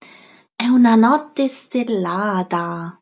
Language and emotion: Italian, surprised